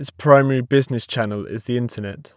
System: none